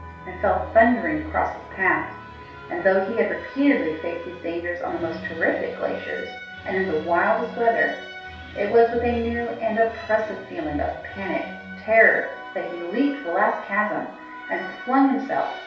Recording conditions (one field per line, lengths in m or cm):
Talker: one person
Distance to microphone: 3.0 m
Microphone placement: far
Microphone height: 1.8 m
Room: small (3.7 m by 2.7 m)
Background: music